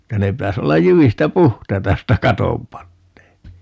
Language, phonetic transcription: Finnish, että 'ne 'pitäs 'ollaj "jyvistä "puht̀aita 'josta "katom 'pannee(pi) .
- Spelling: että ne pitäisi olla jyvistä puhtaita josta katon panee

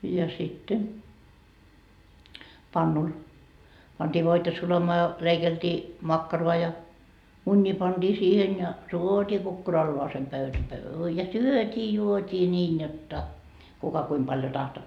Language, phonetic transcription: Finnish, ja sitte , 'pannul , pantii 'voita 'sulamaa ja , 'leikeltii , 'makkaroa ja , 'muńńii panDii siihen ja , 'tuotii kukkuralloasem pöytä pöy- , ja "syöt́ii 'juot́ii 'ńiin jot'ta , kuka kuim paljo tahto .
- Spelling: ja sitten pannulle pantiin voita sulamaan ja leikeltiin makkaraa ja munia pantiin siihen ja tuotiin kukkuralleen pöytä - ja syötiin juotiin niin jotta kuka kuinka paljon tahtoi

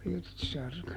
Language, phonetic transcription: Finnish, Pirtsarka .
- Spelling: Pirtsarka

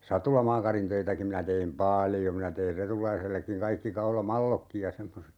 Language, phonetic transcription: Finnish, 'satulamaakarintöitäki minä teim "paljo minä teir 'Retulaisellekkiŋ 'kaikki 'kaula"mallokkij ja 'semmoset .
- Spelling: satulamaakarintöitäkin minä tein paljon minä tein Retulaisellekin kaikki kaulamallotkin ja semmoiset

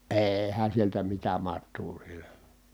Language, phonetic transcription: Finnish, eehän̬ sieltä mitä mat̆tuu sieLÄ .
- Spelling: eihän sieltä mitään matoa siellä

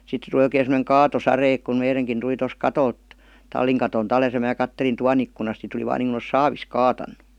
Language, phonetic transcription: Finnish, 'sitte tuli oikee sem°neŋ "kaatosare ek kum 'meireŋkin tuli tos "katolt , "talliŋ katon§t 'alès ja "mää 'kattelin 'tuan ‿ikkunas si tuli vaan niiŋku os "saavis "kaatannU .
- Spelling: sitten tuli oikein semmoinen kaatosade että kun meidänkin tuli tuosta katolta tallin katolta alas ja minä katselin tuvan ikkunassa sitten tuli vain niin kuin olisi saavista kaatanut

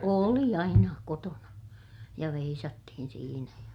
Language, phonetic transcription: Finnish, oli aina , kotona , ja veisattihin siinä ja ,.
- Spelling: oli aina kotona ja veisattiin siinä ja

